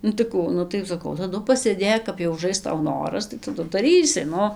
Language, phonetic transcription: Lithuanian, ˈnu tai ˈkų ˈnu tai saˈkau taˈdu pasėˈdėk kap jau uˈžais ˈtau ˈnoras tai taˈdu daˈrysi ˈnu

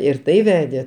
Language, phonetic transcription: Lithuanian, ir ˈtai ˈvedė

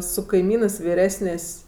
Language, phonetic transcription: Lithuanian, su kaiˈmynɜs viˈresnės'

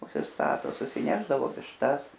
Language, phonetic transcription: Lithuanian, užsisˈtato susiˈnešdavo višˈtas

